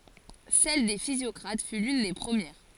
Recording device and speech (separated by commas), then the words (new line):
forehead accelerometer, read sentence
Celle des physiocrates fut l'une des premières.